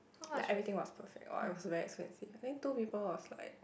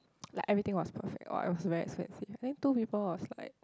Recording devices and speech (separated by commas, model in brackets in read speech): boundary microphone, close-talking microphone, conversation in the same room